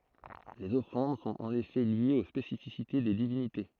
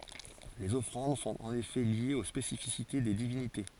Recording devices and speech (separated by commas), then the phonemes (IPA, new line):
throat microphone, forehead accelerometer, read sentence
lez ɔfʁɑ̃d sɔ̃t ɑ̃n efɛ ljez o spesifisite de divinite